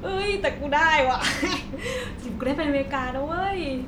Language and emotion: Thai, happy